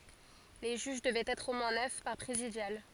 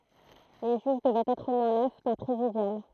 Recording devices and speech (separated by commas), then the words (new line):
forehead accelerometer, throat microphone, read sentence
Les juges devaient être au moins neuf par présidial.